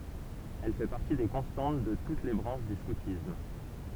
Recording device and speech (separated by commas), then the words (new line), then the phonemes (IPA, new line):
temple vibration pickup, read sentence
Elle fait partie des constantes de toutes les branches du scoutisme.
ɛl fɛ paʁti de kɔ̃stɑ̃t də tut le bʁɑ̃ʃ dy skutism